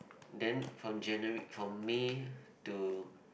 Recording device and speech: boundary microphone, conversation in the same room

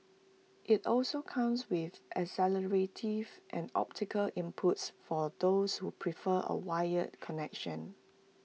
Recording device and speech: mobile phone (iPhone 6), read sentence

